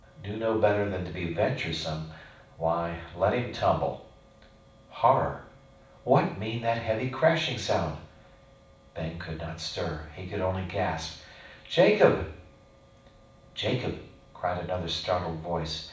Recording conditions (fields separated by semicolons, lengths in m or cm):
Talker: one person; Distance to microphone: 5.8 m; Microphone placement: far; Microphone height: 1.8 m; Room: medium-sized (5.7 m by 4.0 m); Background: none